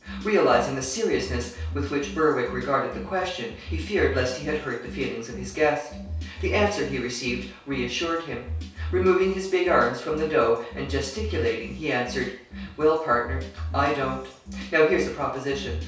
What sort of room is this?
A small room (about 3.7 m by 2.7 m).